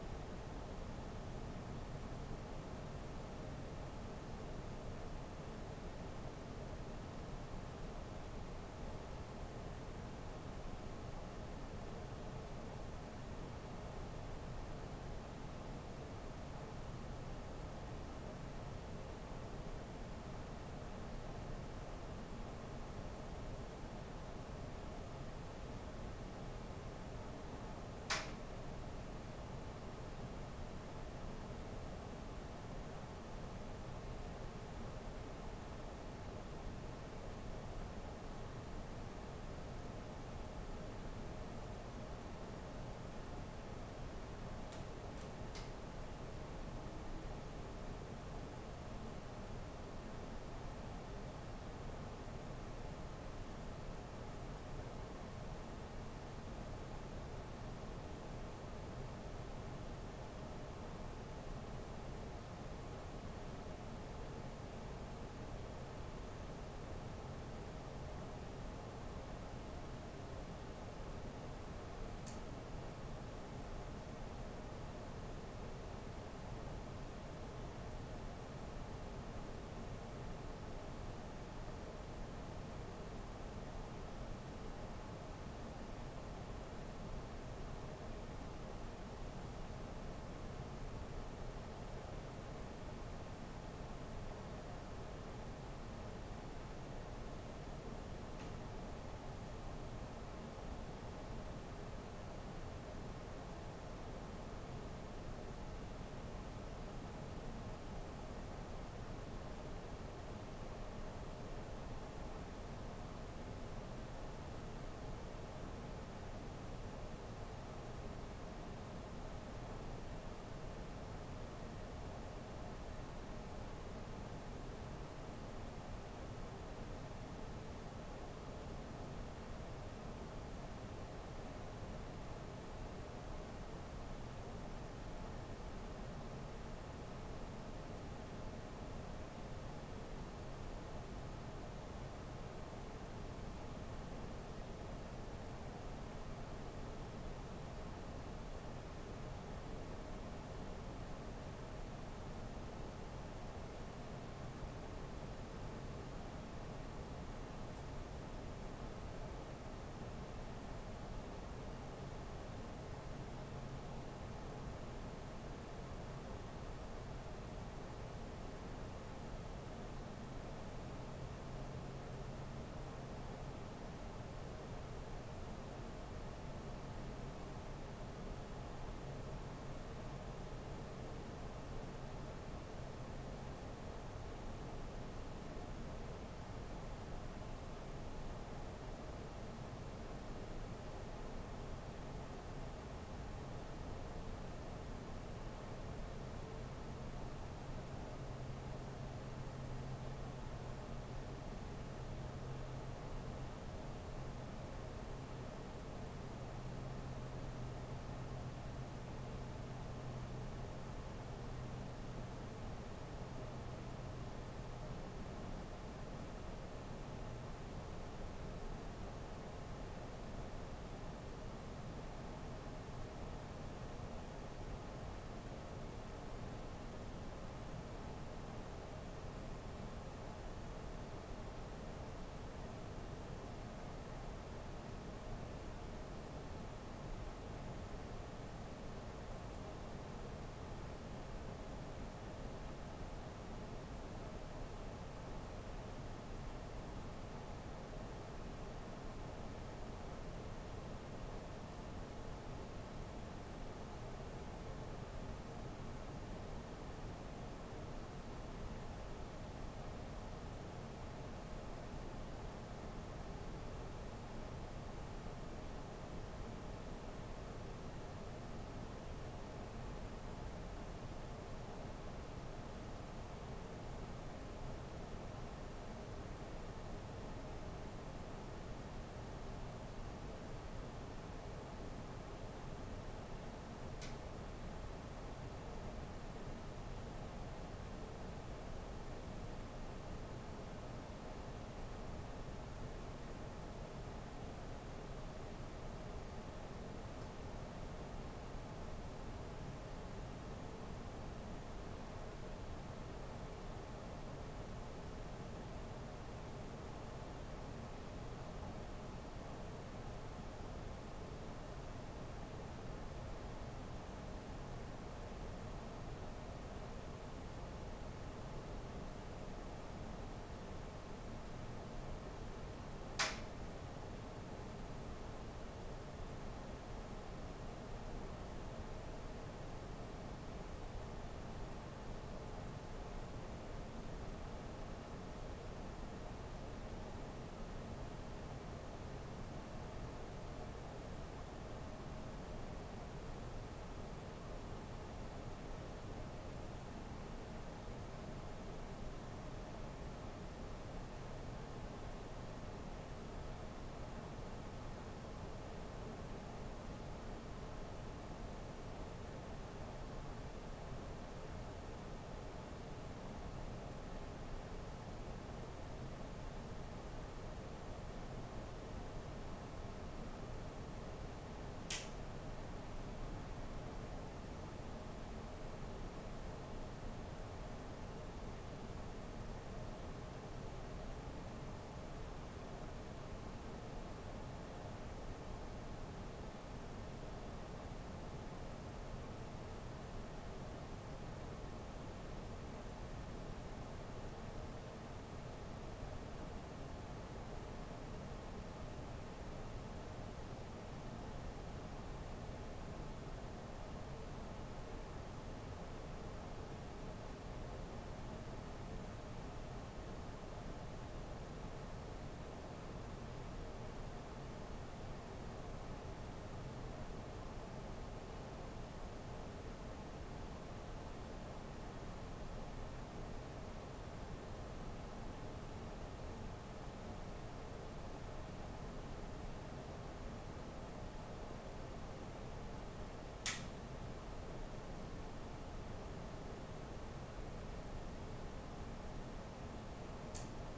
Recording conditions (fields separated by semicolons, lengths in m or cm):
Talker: no one; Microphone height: 1.1 m; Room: small (3.7 m by 2.7 m); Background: none